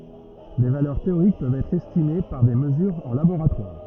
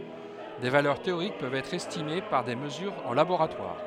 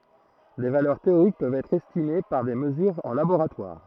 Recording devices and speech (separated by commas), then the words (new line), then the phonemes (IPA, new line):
rigid in-ear microphone, headset microphone, throat microphone, read sentence
Des valeurs théoriques peuvent être estimées par des mesures en laboratoire.
de valœʁ teoʁik pøvt ɛtʁ ɛstime paʁ de məzyʁz ɑ̃ laboʁatwaʁ